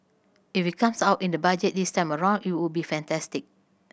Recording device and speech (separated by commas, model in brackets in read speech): boundary microphone (BM630), read sentence